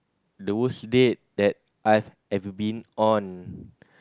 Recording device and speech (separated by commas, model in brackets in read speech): close-talking microphone, conversation in the same room